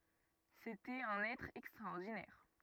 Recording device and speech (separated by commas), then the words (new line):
rigid in-ear microphone, read sentence
C’était un être extraordinaire.